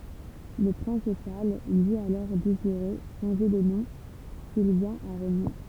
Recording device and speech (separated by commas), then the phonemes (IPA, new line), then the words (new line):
temple vibration pickup, read sentence
lə pʁɛ̃s ʃaʁl di alɔʁ deziʁe ʃɑ̃ʒe də nɔ̃ sil vjɛ̃t a ʁeɲe
Le prince Charles dit alors désirer changer de nom s'il vient à régner.